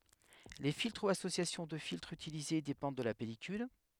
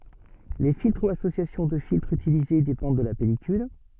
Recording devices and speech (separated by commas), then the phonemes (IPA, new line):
headset microphone, soft in-ear microphone, read sentence
le filtʁ u asosjasjɔ̃ də filtʁz ytilize depɑ̃d də la pɛlikyl